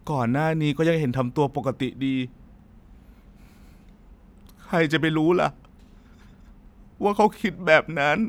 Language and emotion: Thai, sad